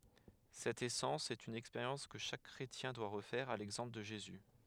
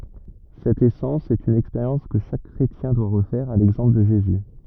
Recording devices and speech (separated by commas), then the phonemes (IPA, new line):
headset microphone, rigid in-ear microphone, read sentence
sɛt esɑ̃s sɛt yn ɛkspeʁjɑ̃s kə ʃak kʁetjɛ̃ dwa ʁəfɛʁ a lɛɡzɑ̃pl də ʒezy